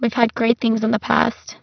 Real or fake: fake